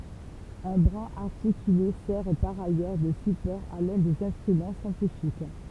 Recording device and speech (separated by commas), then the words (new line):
temple vibration pickup, read sentence
Un bras articulé sert par ailleurs de support à l'un des instruments scientifiques.